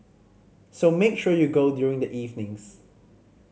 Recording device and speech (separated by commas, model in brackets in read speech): mobile phone (Samsung C5010), read sentence